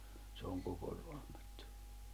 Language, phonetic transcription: Finnish, se oŋ 'koko Roaᴍᴀttᴜ .
- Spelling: se on koko Raamattu

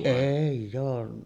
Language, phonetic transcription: Finnish, 'èij̆j ‿oo .
- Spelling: ei ole

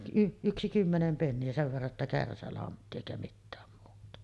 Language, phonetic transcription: Finnish, y-ˀ 'yksi 'kymmenem penni₍ä , sev verra ‿tta "kärsälantti èikä 'mittääm muuta .
- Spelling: - yksi kymmenen penniä sen verran jotta kärsälantti eikä mitään muuta

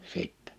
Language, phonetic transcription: Finnish, 'sìttɛ .
- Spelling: sitten

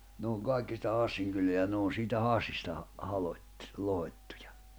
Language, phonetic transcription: Finnish, ne oŋ 'kàikki sitä 'Hassiŋ kyleä ja nᵉ ‿oon siitä 'Hassista , 'halot́- , 'lohot́tᴜᴊᴀ .
- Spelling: ne on kaikki sitä Hassin kylää ja ne on siitä Hassista - lohkottu

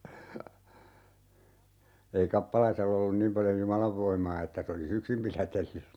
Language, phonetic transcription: Finnish, ei 'kappalaisell ‿ollun 'niim paljo "jumalav 'voim̀aa että se 'oli"s ‿yksim pilätelly(s sitä) .
- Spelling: ei kappalaisella ollut niin paljon jumalan voimaa että se olisi yksin pidätellyt sitä

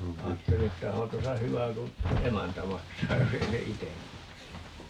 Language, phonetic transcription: Finnish, 'aatteli että 'ohan̬ 'tosa "hyvä ku , "emäntä 'maksaa 'jos ‿ei se "item 'maksa .
- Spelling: ajattelin että onhan tuossa hyvä kun emäntä maksaa jos ei se itse maksa

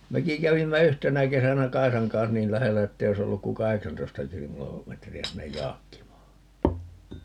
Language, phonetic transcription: Finnish, 'meki 'kävimmä "yhtenä 'kesänä "Kaisaŋ kans 'niil "lähellä ettei oi's ‿olluk ku "kaheksantoista 'kilo- , '-metri₍ä sinnej "Jaakkimaa .
- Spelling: mekin kävimme yhtenä kesänä Kaisan kanssa niin lähellä että ei olisi ollut kuin kahdeksantoista - kilometriä sinne Jaakkimaan

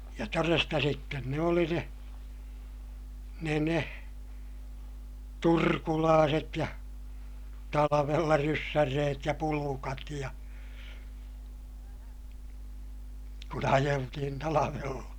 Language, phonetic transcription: Finnish, ja toresta sitten ne oli ne , ne ne , turkulaaset ja , talavella ryssär reet ja pulukat ja , kun ‿ajeltihin talavella .
- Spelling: ja todesta sitten ne oli ne ne ne turkulaiset ja talvella ryssän reet ja pulkat ja kun ajeltiin talvella

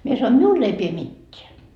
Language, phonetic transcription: Finnish, mie sanoin "miul ‿ei pie "mitteä .
- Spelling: minä sanoin minulle ei pidä mitään

